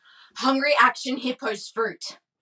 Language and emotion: English, angry